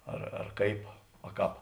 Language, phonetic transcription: Lithuanian, ar ar ˈkaip a ˈkāp

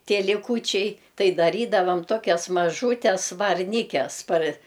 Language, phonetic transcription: Lithuanian, ˈtie liˈkūčiai ˈtai daˈrydavam ˈtokias maˈžūtes varˈnykes par

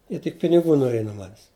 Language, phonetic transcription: Lithuanian, ˈjie tik piniˈgų noˈriej nuo ˈmanes

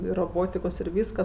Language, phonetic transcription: Lithuanian, ir roˈbotikos ir ˈvyskas

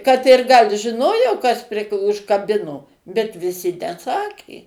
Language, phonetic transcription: Lithuanian, kad ir gal' žiˈnojo kas pri užkaˈbino bet viˈsi neˈsakė

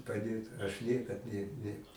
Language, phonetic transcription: Lithuanian, paˈdėt aš ˈniekad ˈne ˈne

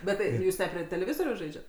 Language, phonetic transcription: Lithuanian, bet ˈtai ˈjūs ne prie teleˈvizoriaus ˈžaidžiat

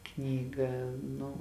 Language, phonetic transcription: Lithuanian, ˈknygą ˈnu

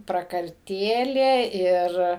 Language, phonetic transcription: Lithuanian, prakarˈtėlė ˈir

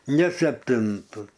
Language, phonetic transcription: Lithuanian, ne sepˈtintu

